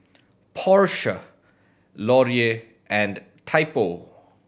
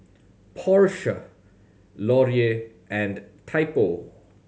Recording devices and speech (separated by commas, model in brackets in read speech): boundary microphone (BM630), mobile phone (Samsung C7100), read sentence